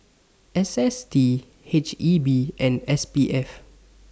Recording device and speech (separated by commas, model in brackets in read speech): standing microphone (AKG C214), read sentence